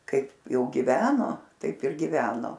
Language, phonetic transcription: Lithuanian, ˈkaip ˈjau giˈveno ˈtaip ir giˈveno

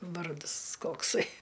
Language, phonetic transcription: Lithuanian, ˈvardɨs ˈkoksai

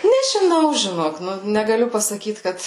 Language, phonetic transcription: Lithuanian, nežiˈnau žiˈnok ˈnu negaˈliu pasaˈkyt ˈkad

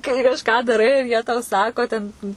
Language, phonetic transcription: Lithuanian, kai kažˈką daˈrai ir jie tau ˈsako ten

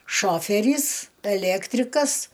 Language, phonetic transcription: Lithuanian, ˈšoferys eˈlektrikas

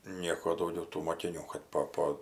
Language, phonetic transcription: Lithuanian, ˈnieko dauˈgiau tų mokiˈnių kad ˈpo ˈpo

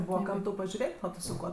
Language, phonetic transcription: Lithuanian, ˈbūva ˈkam tau pažiuˈrėt' o ˈtu su ˈkuo

